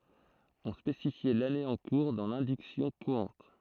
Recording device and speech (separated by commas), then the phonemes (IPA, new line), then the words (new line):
throat microphone, read sentence
ɔ̃ spesifjɛ lane ɑ̃ kuʁ dɑ̃ lɛ̃diksjɔ̃ kuʁɑ̃t
On spécifiait l'année en cours dans l'indiction courante.